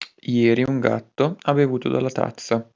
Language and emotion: Italian, neutral